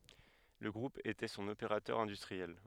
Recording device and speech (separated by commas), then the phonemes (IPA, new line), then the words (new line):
headset microphone, read sentence
lə ɡʁup etɛ sɔ̃n opeʁatœʁ ɛ̃dystʁiɛl
Le groupe était son opérateur industriel.